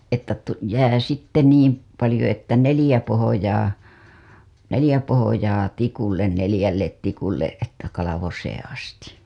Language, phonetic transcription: Finnish, että tu- , 'jää sitte niim , palĭjo että 'nelĭjä pohojaa , 'nelĭjä pohojaa 'tikullen nelĭjället tikulleˀ ˀettä kalavoseeḛ asti .
- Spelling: että - jää sitten niin paljon että neljä pohjaa neljä pohjaa tikulle neljälle tikulle että kalvoseen asti

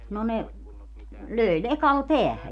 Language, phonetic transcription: Finnish, no 'ne , 'lö̀i 'lekal "peähä .
- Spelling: no ne löi lekalla päähän

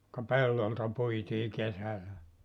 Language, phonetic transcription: Finnish, ka "pellolta 'puitii 'kesälä .
- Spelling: ka pellolta puitiin kesällä

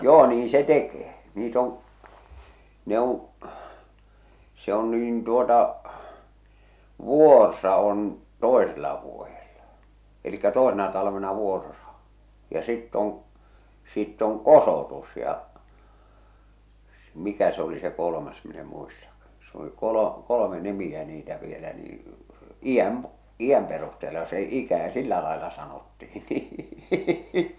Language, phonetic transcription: Finnish, 'joo 'niiḭ se "tekee , 'niit ‿oŋ̳ , 'ne ‿oŋ̳ , se ‿on niin tuota , "vùorsa on , 'tòesella vuojella , elikkä 'tòesena talavena 'vùorsa , ja sitt ‿oŋ̳ , sitt ‿oŋ "kosòtus ja , s- 'mikä se ‿oli se 'kolomas min ‿e 'muistakkᴀ , s ‿oli 'kolo- , 'kolome "nimi₍ä niitä vielä nii , "iʲäm , 'iʲäm perusteela se "ikä "sillä laela sanottihi nii .
- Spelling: joo niin se tekee niitä on ne on se on niin tuota vuorsa on toisella vuodella eli toisena talvena vuorsa ja sitten on sitten on kosotus ja - mikä se oli se kolmas minä en muistakaan se oli - kolme nimeä niitä vielä niin iän iän perusteella se ikä sillä lailla sanottiin niin

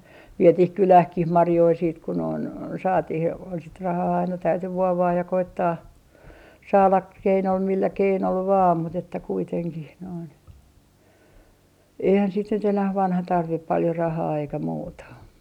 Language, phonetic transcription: Finnish, 'vietih "kylähkih 'marjoi siit ku noin , 'saatih ja sit 'rahaa aina täyty 'vuovaaj ja 'koittaa , saala ‿k- , millä 'keinol "vaam mut ‿että 'kuiteŋkih noin , 'eihän sit nyt enäh 'vanha tarvip paljo 'rahaa eikä 'muuta .
- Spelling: vietiin kyläänkin marjoja sitten kun noin saatiin ja sitten rahaa aina täytyi vuovata ja koettaa saada - millä keinolla vain mutta että kuitenkin noin eihän sitten nyt enää vanha tarvitse paljon rahaa eikä muuta

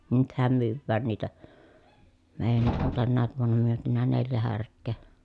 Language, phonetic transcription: Finnish, nythäm myywwään niitä , meejänniʼ ʼon tännääv vuonna myötynä neljä härk̆kee .
- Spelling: nythän myydään niitä meidänkin on tänäkin vuonna myyty neljä härkää

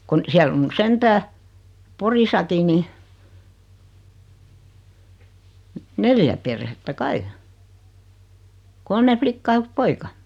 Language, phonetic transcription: Finnish, 'kun , 'siäll ‿on 'ny "sentää , 'Porisaki ni , 'neljä perhettä 'kai , 'kolme "flikkaa ʲᵃ 'yk(s) "poika .
- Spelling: kun siellä on nyt sentään Porissakin niin neljä perhettä kai kolme likkaa ja yksi poika

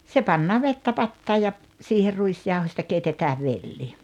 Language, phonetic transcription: Finnish, se pannaa "vettä "pattaaj ja , 'siiher "ruisjauhośta 'keitetää "velli .
- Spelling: se pannaan vettä pataan ja siihen ruisjauhosta keitetään velli

